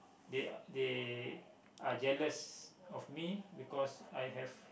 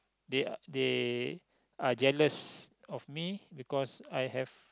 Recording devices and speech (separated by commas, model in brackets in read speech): boundary microphone, close-talking microphone, conversation in the same room